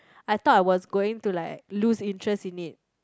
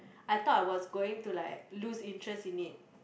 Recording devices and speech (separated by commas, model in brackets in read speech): close-talking microphone, boundary microphone, conversation in the same room